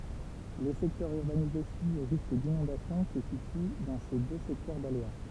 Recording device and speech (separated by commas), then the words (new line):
temple vibration pickup, read sentence
Les secteurs urbanisés soumis au risque d’inondation se situent dans ces deux secteurs d’aléas.